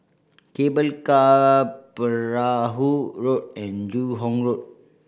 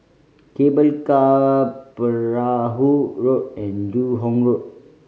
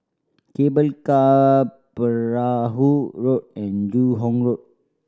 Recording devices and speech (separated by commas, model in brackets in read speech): boundary microphone (BM630), mobile phone (Samsung C5010), standing microphone (AKG C214), read sentence